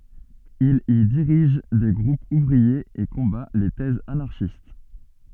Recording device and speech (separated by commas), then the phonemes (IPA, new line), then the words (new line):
soft in-ear microphone, read sentence
il i diʁiʒ de ɡʁupz uvʁiez e kɔ̃ba le tɛzz anaʁʃist
Il y dirige des groupes ouvriers et combat les thèses anarchistes.